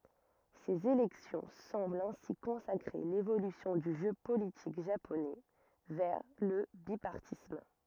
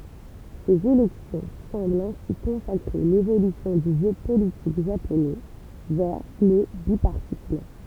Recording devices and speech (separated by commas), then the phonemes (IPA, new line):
rigid in-ear microphone, temple vibration pickup, read sentence
sez elɛksjɔ̃ sɑ̃blt ɛ̃si kɔ̃sakʁe levolysjɔ̃ dy ʒø politik ʒaponɛ vɛʁ lə bipaʁtism